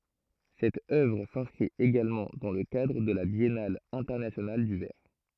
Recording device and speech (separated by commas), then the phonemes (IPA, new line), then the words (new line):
throat microphone, read sentence
sɛt œvʁ sɛ̃skʁit eɡalmɑ̃ dɑ̃ lə kadʁ də la bjɛnal ɛ̃tɛʁnasjonal dy vɛʁ
Cette œuvre s'inscrit également dans le cadre de la Biennale Internationale du Verre.